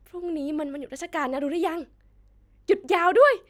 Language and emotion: Thai, happy